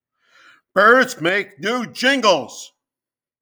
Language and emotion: English, disgusted